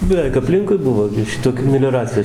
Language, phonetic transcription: Lithuanian, beˈveik apˈlinkui ˈbuvo gi ˈšitokių melioˈracijo

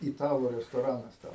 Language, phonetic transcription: Lithuanian, iˈtalų restoˈranas ten

